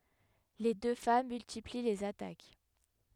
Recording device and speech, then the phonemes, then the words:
headset microphone, read sentence
le dø fam myltipli lez atak
Les deux femmes multiplient les attaques.

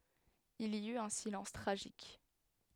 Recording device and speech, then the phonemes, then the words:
headset microphone, read sentence
il i yt œ̃ silɑ̃s tʁaʒik
Il y eut un silence tragique.

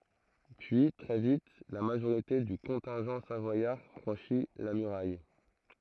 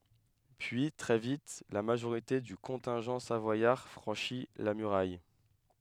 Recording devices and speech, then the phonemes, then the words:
throat microphone, headset microphone, read sentence
pyi tʁɛ vit la maʒoʁite dy kɔ̃tɛ̃ʒɑ̃ savwajaʁ fʁɑ̃ʃi la myʁaj
Puis, très vite, la majorité du contingent savoyard franchit la muraille.

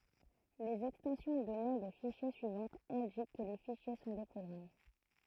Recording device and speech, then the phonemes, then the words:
throat microphone, read sentence
lez ɛkstɑ̃sjɔ̃ də nɔ̃ də fiʃje syivɑ̃tz ɛ̃dik kə le fiʃje sɔ̃ de pʁɔɡʁam
Les extensions de noms de fichiers suivantes indiquent que les fichiers sont des programmes.

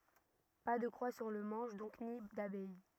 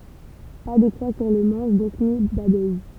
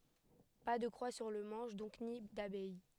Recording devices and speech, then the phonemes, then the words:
rigid in-ear microphone, temple vibration pickup, headset microphone, read sentence
pa də kʁwa syʁ lə mɑ̃ʃ dɔ̃k ni dabɛj
Pas de croix sur le manche donc, ni d'abeille.

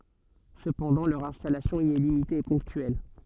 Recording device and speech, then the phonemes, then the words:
soft in-ear microphone, read sentence
səpɑ̃dɑ̃ lœʁ ɛ̃stalasjɔ̃ i ɛ limite e pɔ̃ktyɛl
Cependant, leur installation y est limitée et ponctuelle.

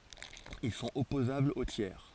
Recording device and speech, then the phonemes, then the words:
forehead accelerometer, read sentence
il sɔ̃t ɔpozablz o tjɛʁ
Ils sont opposables aux tiers.

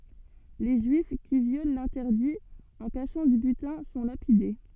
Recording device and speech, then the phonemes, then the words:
soft in-ear microphone, read sentence
le ʒyif ki vjol lɛ̃tɛʁdi ɑ̃ kaʃɑ̃ dy bytɛ̃ sɔ̃ lapide
Les Juifs qui violent l'interdit en cachant du butin sont lapidés.

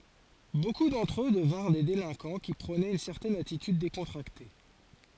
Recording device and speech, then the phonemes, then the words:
forehead accelerometer, read sentence
boku dɑ̃tʁ ø dəvɛ̃ʁ de delɛ̃kɑ̃ ki pʁonɛt yn sɛʁtɛn atityd dekɔ̃tʁakte
Beaucoup d’entre eux devinrent des délinquants qui prônaient une certaine attitude décontractée.

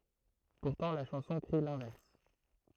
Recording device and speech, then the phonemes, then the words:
throat microphone, read sentence
puʁtɑ̃ la ʃɑ̃sɔ̃ kʁi lɛ̃vɛʁs
Pourtant, la chanson crie l'inverse.

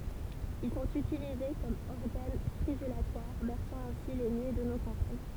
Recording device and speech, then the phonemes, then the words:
temple vibration pickup, read sentence
il sɔ̃t ytilize kɔm ɔʁɡan stʁidylatwaʁ bɛʁsɑ̃ ɛ̃si le nyi də no kɑ̃paɲ
Ils sont utilisés comme organes stridulatoires, berçant ainsi les nuits de nos campagnes.

